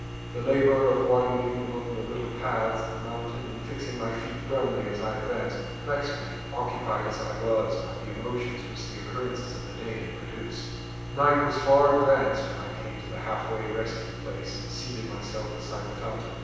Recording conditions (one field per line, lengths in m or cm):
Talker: one person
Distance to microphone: 7.1 m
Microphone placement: far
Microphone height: 1.7 m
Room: very reverberant, large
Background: none